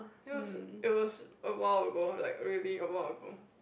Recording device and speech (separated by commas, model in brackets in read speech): boundary microphone, conversation in the same room